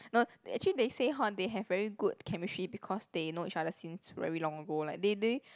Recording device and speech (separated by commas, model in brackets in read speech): close-talking microphone, conversation in the same room